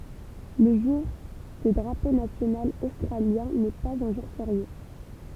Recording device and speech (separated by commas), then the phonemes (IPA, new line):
temple vibration pickup, read sentence
lə ʒuʁ də dʁapo nasjonal ostʁaljɛ̃ nɛ paz œ̃ ʒuʁ feʁje